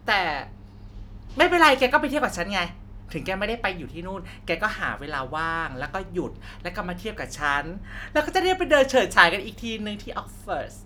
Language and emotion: Thai, happy